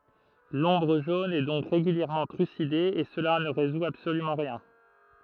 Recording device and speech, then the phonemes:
throat microphone, read sentence
lɔ̃bʁ ʒon ɛ dɔ̃k ʁeɡyljɛʁmɑ̃ tʁyside e səla nə ʁezu absolymɑ̃ ʁjɛ̃

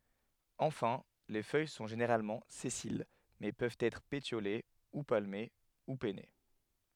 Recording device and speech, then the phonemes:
headset microphone, read sentence
ɑ̃fɛ̃ le fœj sɔ̃ ʒeneʁalmɑ̃ sɛsil mɛ pøvt ɛtʁ petjole u palme u pɛne

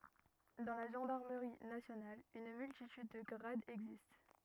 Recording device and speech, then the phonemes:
rigid in-ear microphone, read sentence
dɑ̃ la ʒɑ̃daʁməʁi nasjonal yn myltityd də ɡʁadz ɛɡzist

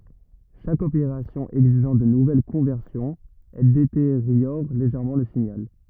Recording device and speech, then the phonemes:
rigid in-ear microphone, read sentence
ʃak opeʁasjɔ̃ ɛɡziʒɑ̃ də nuvɛl kɔ̃vɛʁsjɔ̃z ɛl deteʁjɔʁ leʒɛʁmɑ̃ lə siɲal

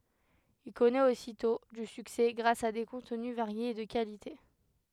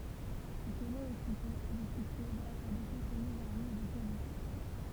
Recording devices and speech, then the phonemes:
headset microphone, temple vibration pickup, read sentence
il kɔnɛt ositɔ̃ dy syksɛ ɡʁas a de kɔ̃tny vaʁjez e də kalite

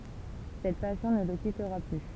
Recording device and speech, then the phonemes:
temple vibration pickup, read sentence
sɛt pasjɔ̃ nə lə kitʁa ply

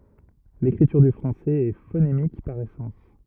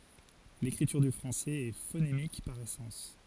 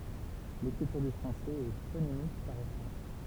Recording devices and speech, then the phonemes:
rigid in-ear microphone, forehead accelerometer, temple vibration pickup, read sentence
lekʁityʁ dy fʁɑ̃sɛz ɛ fonemik paʁ esɑ̃s

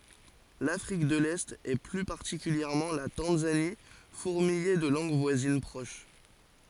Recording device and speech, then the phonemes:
forehead accelerometer, read sentence
lafʁik də lɛt e ply paʁtikyljɛʁmɑ̃ la tɑ̃zani fuʁmijɛ də lɑ̃ɡ vwazin pʁoʃ

